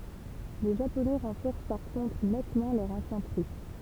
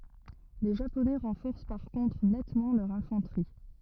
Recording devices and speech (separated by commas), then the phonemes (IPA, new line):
temple vibration pickup, rigid in-ear microphone, read sentence
le ʒaponɛ ʁɑ̃fɔʁs paʁ kɔ̃tʁ nɛtmɑ̃ lœʁ ɛ̃fɑ̃tʁi